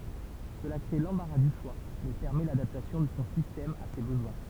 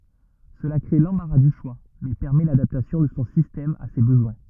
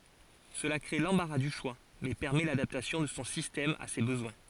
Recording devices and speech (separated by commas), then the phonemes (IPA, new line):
temple vibration pickup, rigid in-ear microphone, forehead accelerometer, read sentence
səla kʁe lɑ̃baʁa dy ʃwa mɛ pɛʁmɛ ladaptasjɔ̃ də sɔ̃ sistɛm a se bəzwɛ̃